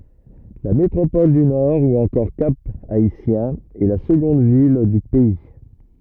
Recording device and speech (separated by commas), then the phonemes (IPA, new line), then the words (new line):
rigid in-ear microphone, read sentence
la metʁopɔl dy nɔʁ u ɑ̃kɔʁ kap aitjɛ̃ ɛ la səɡɔ̃d vil dy pɛi
La métropole du Nord ou encore Cap-Haïtien est la seconde ville du pays.